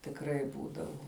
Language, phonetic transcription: Lithuanian, tikˈrai ˈbūdavu

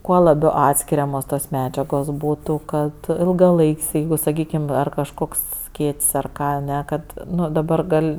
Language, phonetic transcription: Lithuanian, ˈkuo laˈbiau ˈatskiriamos tos ˈmedžiagos ˈbūtu ˈkad ilgaˈlaik's' ˈjeigu saˈkykim ˈar kažˈkoks ˈskėt's' ar ˈką aˈne ˈkad ˈnu daˈbar ˈgal'

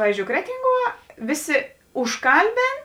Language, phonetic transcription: Lithuanian, ˈpavyzˌdžiou ˈkretinˌguo ˈviˌsi užˈkalˌbėn

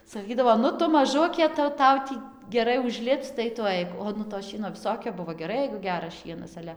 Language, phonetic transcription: Lithuanian, saˈkydavo ˈnu ˈtu maˈžukė tai jau ˈtau tį geˈrai užˈlipc tai tu ˈaik o ˈnu to ˈšieno viˈsokio ˈbuvo geˈrai jeigu ˈgeras ˈšienas ˈale

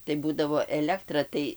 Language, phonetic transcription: Lithuanian, tai ˈbūdavo ˈelektra tai

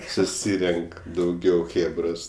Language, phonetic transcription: Lithuanian, suˈsyrenk dauˈgiau ˈchėbros

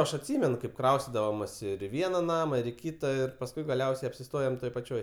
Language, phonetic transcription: Lithuanian, ˈaš atˈsymen kaip ˈkraustidavomas ir i ˈviena ˈnama ir i ˈkyta pasˈkui gaˈliausiai apsiˈstojom ˈtoj paˈčioj

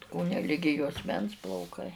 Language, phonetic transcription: Lithuanian, ˈkone ˈligi juosˈmens plauˈkai

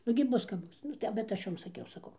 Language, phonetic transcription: Lithuanian, nugi ˈbus kap ˈbus ˈnu tai bet ˈaš ˈjom saˈkiau saˈkau

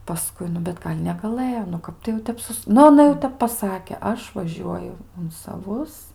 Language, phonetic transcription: Lithuanian, paˈskui ˈnu bet ˈgal' negaˈlɘjo nu ˈkap tai jau ˈtep ˈsus ˈnu aˈna jau ˈtep paˈsake ˈaš vaˈžiuoju un saˈvus

